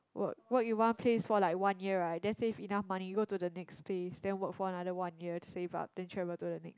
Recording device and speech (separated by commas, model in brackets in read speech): close-talking microphone, conversation in the same room